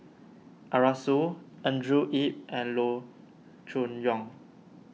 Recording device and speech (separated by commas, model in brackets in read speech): mobile phone (iPhone 6), read sentence